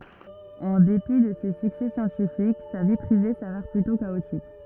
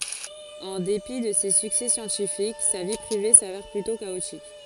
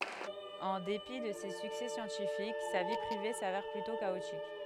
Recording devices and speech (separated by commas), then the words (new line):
rigid in-ear microphone, forehead accelerometer, headset microphone, read sentence
En dépit de ses succès scientifiques, sa vie privée s'avère plutôt chaotique.